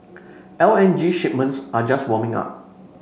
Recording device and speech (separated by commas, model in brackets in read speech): mobile phone (Samsung C5), read sentence